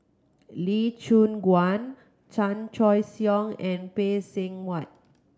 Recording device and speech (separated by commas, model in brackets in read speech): close-talking microphone (WH30), read sentence